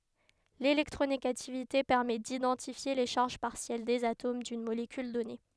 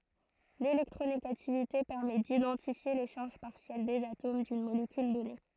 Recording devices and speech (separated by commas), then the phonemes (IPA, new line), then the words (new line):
headset microphone, throat microphone, read sentence
lelɛktʁoneɡativite pɛʁmɛ didɑ̃tifje le ʃaʁʒ paʁsjɛl dez atom dyn molekyl dɔne
L’électronégativité permet d’identifier les charges partielles des atomes d’une molécule donnée.